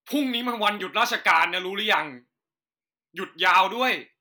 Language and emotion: Thai, angry